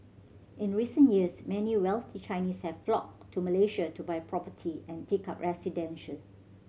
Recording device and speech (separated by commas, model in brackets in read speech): mobile phone (Samsung C7100), read sentence